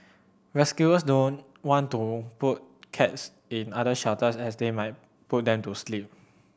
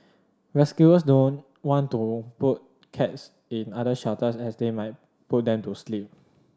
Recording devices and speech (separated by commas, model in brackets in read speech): boundary microphone (BM630), standing microphone (AKG C214), read sentence